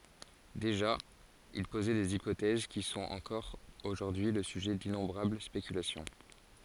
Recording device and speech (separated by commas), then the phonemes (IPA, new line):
forehead accelerometer, read sentence
deʒa il pozɛ dez ipotɛz ki sɔ̃t ɑ̃kɔʁ oʒuʁdyi lə syʒɛ dinɔ̃bʁabl spekylasjɔ̃